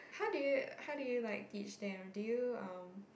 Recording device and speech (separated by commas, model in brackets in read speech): boundary microphone, conversation in the same room